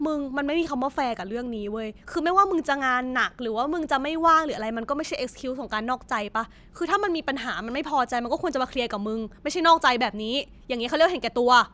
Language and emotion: Thai, angry